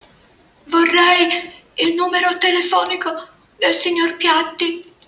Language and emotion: Italian, fearful